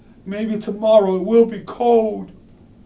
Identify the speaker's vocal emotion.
fearful